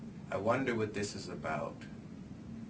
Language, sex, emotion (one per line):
English
male
neutral